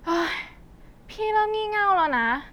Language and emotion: Thai, frustrated